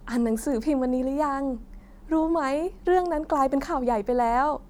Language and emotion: Thai, happy